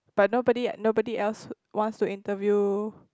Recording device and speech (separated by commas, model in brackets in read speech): close-talking microphone, conversation in the same room